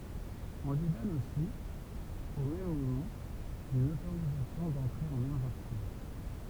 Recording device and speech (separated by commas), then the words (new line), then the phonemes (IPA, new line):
temple vibration pickup, read sentence
On lui donne aussi, au même moment, une autorisation d'entrer en Argentine.
ɔ̃ lyi dɔn osi o mɛm momɑ̃ yn otoʁizasjɔ̃ dɑ̃tʁe ɑ̃n aʁʒɑ̃tin